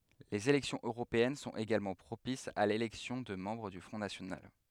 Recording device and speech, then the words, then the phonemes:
headset microphone, read sentence
Les élections européennes sont également propices à l'élection de membres du Front national.
lez elɛksjɔ̃z øʁopeɛn sɔ̃t eɡalmɑ̃ pʁopisz a lelɛksjɔ̃ də mɑ̃bʁ dy fʁɔ̃ nasjonal

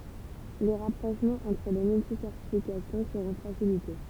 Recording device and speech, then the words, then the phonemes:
temple vibration pickup, read sentence
Les rapprochements entre les multi-certifications seront facilités.
le ʁapʁoʃmɑ̃z ɑ̃tʁ le myltisɛʁtifikasjɔ̃ səʁɔ̃ fasilite

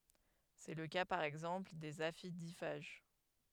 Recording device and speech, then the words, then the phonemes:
headset microphone, read sentence
C’est le cas par exemple des aphidiphages.
sɛ lə ka paʁ ɛɡzɑ̃pl dez afidifaʒ

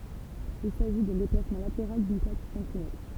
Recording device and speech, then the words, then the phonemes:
temple vibration pickup, read sentence
Il s'agit d'un déplacement latéral d'une plaque contre une autre.
il saʒi dœ̃ deplasmɑ̃ lateʁal dyn plak kɔ̃tʁ yn otʁ

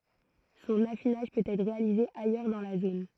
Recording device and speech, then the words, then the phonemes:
throat microphone, read sentence
Son affinage peut être réalisé ailleurs dans la zone.
sɔ̃n afinaʒ pøt ɛtʁ ʁealize ajœʁ dɑ̃ la zon

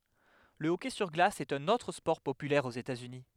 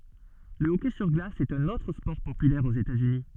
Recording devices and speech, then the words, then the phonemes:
headset microphone, soft in-ear microphone, read sentence
Le hockey sur glace est un autre sport populaire aux États-Unis.
lə ɔkɛ syʁ ɡlas ɛt œ̃n otʁ spɔʁ popylɛʁ oz etatsyni

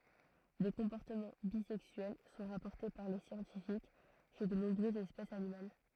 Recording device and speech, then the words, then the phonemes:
throat microphone, read sentence
Des comportements bisexuels sont rapportés par les scientifiques chez de nombreuses espèces animales.
de kɔ̃pɔʁtəmɑ̃ bizɛksyɛl sɔ̃ ʁapɔʁte paʁ le sjɑ̃tifik ʃe də nɔ̃bʁøzz ɛspɛsz animal

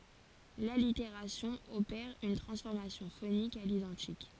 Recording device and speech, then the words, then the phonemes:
forehead accelerometer, read sentence
L'allitération opère une transformation phonique à l'identique.
laliteʁasjɔ̃ opɛʁ yn tʁɑ̃sfɔʁmasjɔ̃ fonik a lidɑ̃tik

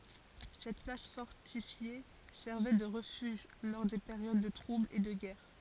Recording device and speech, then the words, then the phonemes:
forehead accelerometer, read sentence
Cette place fortifiée servait de refuge lors des périodes de troubles et de guerre.
sɛt plas fɔʁtifje sɛʁvɛ də ʁəfyʒ lɔʁ de peʁjod də tʁublz e də ɡɛʁ

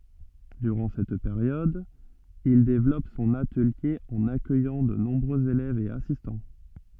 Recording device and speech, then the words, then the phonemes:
soft in-ear microphone, read sentence
Durant cette période, il développe son atelier en accueillant de nombreux élèves et assistants.
dyʁɑ̃ sɛt peʁjɔd il devlɔp sɔ̃n atəlje ɑ̃n akœjɑ̃ də nɔ̃bʁøz elɛvz e asistɑ̃

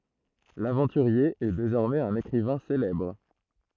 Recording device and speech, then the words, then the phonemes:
throat microphone, read sentence
L’aventurier est désormais un écrivain célèbre.
lavɑ̃tyʁje ɛ dezɔʁmɛz œ̃n ekʁivɛ̃ selɛbʁ

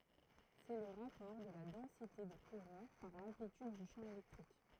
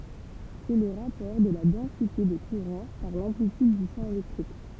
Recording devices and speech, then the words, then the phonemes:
throat microphone, temple vibration pickup, read sentence
C'est le rapport de la densité de courant par l'amplitude du champ électrique.
sɛ lə ʁapɔʁ də la dɑ̃site də kuʁɑ̃ paʁ lɑ̃plityd dy ʃɑ̃ elɛktʁik

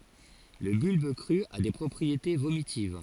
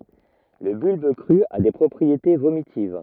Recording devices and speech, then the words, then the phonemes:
forehead accelerometer, rigid in-ear microphone, read sentence
Le bulbe cru a des propriétés vomitives.
lə bylb kʁy a de pʁɔpʁiete vomitiv

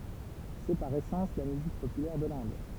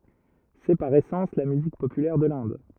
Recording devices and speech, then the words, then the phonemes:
temple vibration pickup, rigid in-ear microphone, read sentence
C'est, par essence, la musique populaire de l'Inde.
sɛ paʁ esɑ̃s la myzik popylɛʁ də lɛ̃d

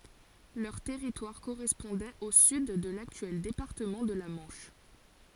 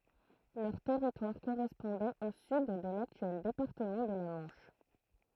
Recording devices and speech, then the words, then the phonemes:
forehead accelerometer, throat microphone, read sentence
Leur territoire correspondait au sud de l'actuel département de la Manche.
lœʁ tɛʁitwaʁ koʁɛspɔ̃dɛt o syd də laktyɛl depaʁtəmɑ̃ də la mɑ̃ʃ

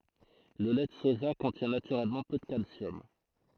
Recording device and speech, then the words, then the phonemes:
throat microphone, read sentence
Le lait de soja contient naturellement peu de calcium.
lə lɛ də soʒa kɔ̃tjɛ̃ natyʁɛlmɑ̃ pø də kalsjɔm

